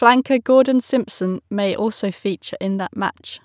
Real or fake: real